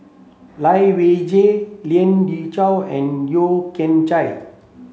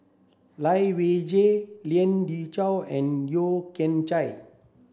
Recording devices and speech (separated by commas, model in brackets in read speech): mobile phone (Samsung C7), standing microphone (AKG C214), read sentence